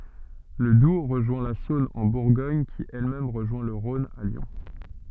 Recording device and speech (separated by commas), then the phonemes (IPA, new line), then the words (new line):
soft in-ear microphone, read sentence
lə dub ʁəʒwɛ̃ la sɔ̃n ɑ̃ buʁɡɔɲ ki ɛl mɛm ʁəʒwɛ̃ lə ʁɔ̃n a ljɔ̃
Le Doubs rejoint la Saône en Bourgogne qui elle-même rejoint le Rhône à Lyon.